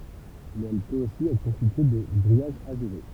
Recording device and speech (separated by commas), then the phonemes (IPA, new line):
temple vibration pickup, read sentence
mɛz ɛl pøt osi ɛtʁ kɔ̃stitye də ɡʁijaʒ aʒuʁe